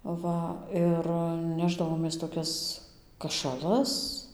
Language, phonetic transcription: Lithuanian, ˈva ir ˈnešdavomės toˈkias kašaˈlas

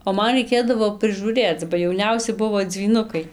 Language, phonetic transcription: Lithuanian, o ˈman raiˈkėdavo prɨžūˈrėc ba jauˈniausi ˈbuvo dzvyˈnukai

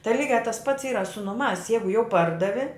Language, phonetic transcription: Lithuanian, tai ˈlygiā tas pats ˈyra su nuˈmās ˈjeigu jau ˈpardavi

